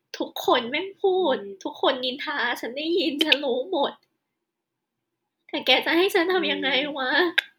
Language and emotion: Thai, sad